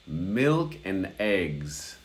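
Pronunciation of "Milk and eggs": In 'milk and eggs', the word 'and' is shortened to just an n sound.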